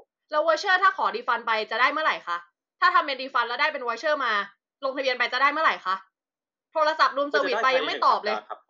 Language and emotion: Thai, angry